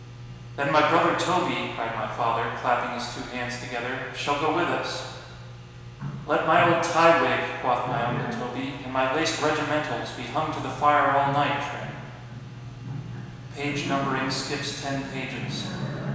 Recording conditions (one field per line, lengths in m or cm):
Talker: one person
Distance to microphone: 1.7 m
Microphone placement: close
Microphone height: 1.0 m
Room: very reverberant, large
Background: television